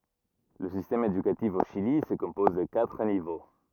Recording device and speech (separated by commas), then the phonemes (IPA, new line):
rigid in-ear microphone, read sentence
lə sistɛm edykatif o ʃili sə kɔ̃pɔz də katʁ nivo